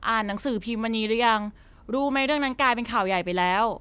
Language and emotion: Thai, neutral